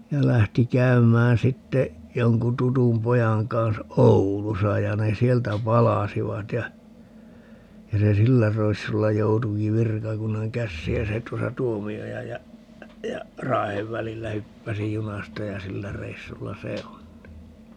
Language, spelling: Finnish, ja lähti käymään sitten jonkun tutun pojan kanssa Oulussa ja ne sieltä palasivat ja ja se sillä reissulla joutuikin virkakunnan käsiin ja se tuossa Tuomiojan ja ja Raahen välillä hyppäsi junasta ja sillä reissulla se on niin
- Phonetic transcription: ja 'lähti 'käymään 'sitte , 'joŋku 'tutum 'pojaŋ kansa "Oulusa ja 'ne "sieltä 'palasivat ja , 'ja se "sillä 'r(e)issulla 'joutuki "virkakunnaŋ 'kässiij 'ja se 'tuosa "Tuomi₍ojaj ja , ja , 'Raahev välillä 'hyppäsi "junasta ja "sillä 'reissulla "se on (ni) .

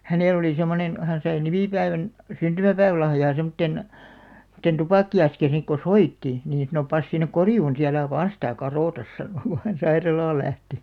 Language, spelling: Finnish, hänellä oli semmoinen hän sai nimipäivän syntymäpäivälahjaa semmoisen semmoisen tupakka-askin sitten kun soitti niin sanoi pane sinne korjuun sitten älä vain sitä kadota sanoi kun hän sairaalaan lähti
- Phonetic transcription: 'hänèl ‿oli 'semmonen , 'hän sai "nimìpäivän , "syntymäpäivᵃ̈lahjaa 'semᵒtten , [sem]mᵒtten 'tupakki₍askiḭ sik ko "soitti , niin (sa)no » 'pas sinnek "korjuun si älä 'vaaa̰ sⁱtä̀ "karòtas « 'sano ku hän 'sairalaal̆ 'lähti .

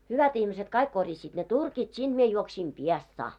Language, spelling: Finnish, hyvät ihmiset kaikki korjasivat ne turkit sinne minä juoksin Piestsaan
- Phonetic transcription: 'hyvät ihmiset 'kaik korjasiit ne 'turkit 'sinᴅ mie juoksiim "Piestsaa .

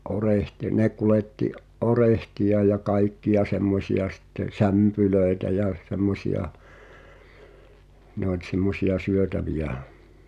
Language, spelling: Finnish, - ne kuljetti orehteja ja kaikkia semmoisia sitten sämpylöitä jä semmoisia ne oli semmoisia syötäviä
- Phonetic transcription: '’orehti- 'ne kuletti’ , "’orehtiʲa ja "kaikki₍a 'semmosi₍a sitte , "sämpylö̀etä jä , 'semmosi₍a , ne ‿oĺ 'semmosi₍a "syötäviʲä̀ .

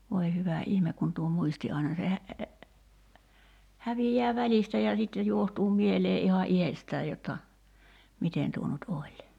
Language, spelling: Finnish, voi hyvä ihme kun tuo muisti aina se - häviää välistä ja sitten johtuu mieleen ihan itsestään jotta miten tuo nyt oli
- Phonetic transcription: voi 'hyvä "ihmek kun tuo 'muisti aina se hä- , 'hävijjää "välistä ja sitte 'juohtuu 'mielee '’ihan "’ihestää jotta , 'miten tuo nut 'oĺ .

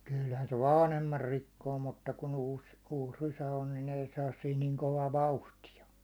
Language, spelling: Finnish, kyllähän se vanhemman rikkoo mutta kun uusi uusi rysä on niin ei saa siinä niin kovaa vauhtia
- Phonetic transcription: 'kylhän se "vaanhemmar 'rikkoo mutta ku'n ‿uus , 'uus 'rysä on , nin 'ei 'saas siin niŋ 'kovaa "vauhti₍a .

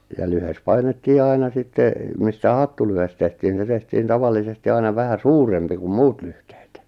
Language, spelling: Finnish, ja lyhde painettiin aina sitten mistä hattulyhde tehtiin niin se tehtiin tavallisesti aina vähän suurempi kuin muut lyhteet
- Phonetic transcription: ja lyhes 'painettii 'aina 'sitte , mistä 'hattulyhes tehtiin ni se tehtiin 'tavallisesti aina 'vähä "suurempi kum 'muut 'lyhtᴇᴇt .

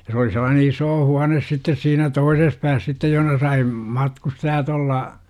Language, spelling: Finnish, ja se oli sellainen iso huone sitten siinä toisessa päässä sitten jossa sai matkustajat olla
- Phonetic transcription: ja s ‿oli sellaane 'isoo 'huanes sittes siinä "toises pääs sittej joh°na sai , 'matkustajat ‿olla .

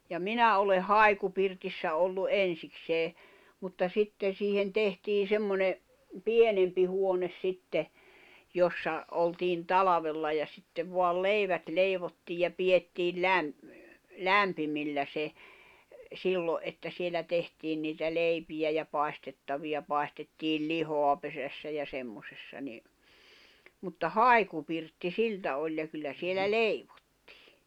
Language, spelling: Finnish, ja minä olen haikupirtissä ollut ensiksi mutta sitten siihen tehtiin semmoinen pienempi huone sitten jossa oltiin talvella ja sitten vain leivät leivottiin ja pidettiin - lämpimillä se silloin että siellä tehtiin niitä leipiä ja paistettavia paistettiin lihaa pesässä ja semmoisessa niin mutta haikupirtti siltä oli ja kyllä siellä leivottiin
- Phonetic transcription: ja "minä oleh̆ "hài̬kupirtissä ollu "'en̬siksee , mutta 'sitten̬ siihen "tehtii 'semmone , "pienempi huones sitte , 'jossa , oltiin "talavella ja sittev 'voal "leivät 'leivottiij ja 'piʲettiil "läm- , "lämpimillä 'se , 'sillo’ ’että 'sielä 'tehtiin niitä 'leipijä ja 'pài̬stettaviʲa 'pài̬stettiil "lihoa pesässä ja 'semmosessa ni , mutta "hài̬kupirtti "siltä oĺ ja 'kyllä 'sielä "leiᴠᴏttɪɪ .

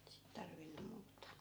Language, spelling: Finnish, sitä tarvinnut muuta
- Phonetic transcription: sit 'tarvinum 'muut̆ta .

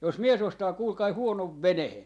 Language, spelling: Finnish, jos mies ostaa kuulkaa huonon veneen
- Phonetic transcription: » jos "mie's ‿ostaa 'kuulkai 'huonov "venehe .

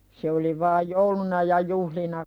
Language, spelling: Finnish, se oli vain jouluna ja juhlina
- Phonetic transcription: se oli vaaj "jouluna ja "juhlina .

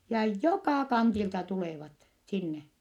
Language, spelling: Finnish, ja joka kantilta tulevat sinne
- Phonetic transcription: ja jokà kantilta tulèvat , sinne .

